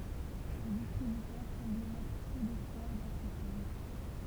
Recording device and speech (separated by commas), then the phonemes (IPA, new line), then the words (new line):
temple vibration pickup, read sentence
lə distʁibytœʁ sɑ̃blɛ mɛtʁ pø dɛspwaʁ dɑ̃ sə film
Le distributeur semblait mettre peu d'espoir dans ce film.